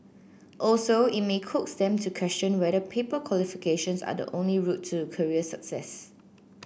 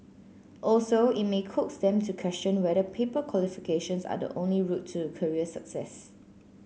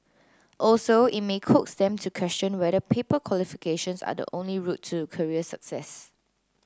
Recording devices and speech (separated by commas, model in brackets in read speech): boundary microphone (BM630), mobile phone (Samsung C9), close-talking microphone (WH30), read sentence